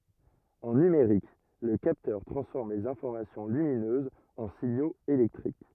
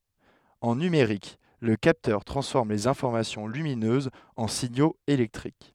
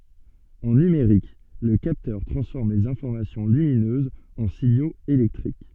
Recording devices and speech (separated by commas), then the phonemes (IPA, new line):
rigid in-ear microphone, headset microphone, soft in-ear microphone, read sentence
ɑ̃ nymeʁik lə kaptœʁ tʁɑ̃sfɔʁm lez ɛ̃fɔʁmasjɔ̃ lyminøzz ɑ̃ siɲoz elɛktʁik